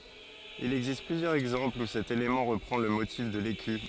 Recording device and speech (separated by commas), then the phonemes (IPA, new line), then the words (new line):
forehead accelerometer, read sentence
il ɛɡzist plyzjœʁz ɛɡzɑ̃plz u sɛt elemɑ̃ ʁəpʁɑ̃ lə motif də leky
Il existe plusieurs exemples où cet élément reprend le motif de l'écu.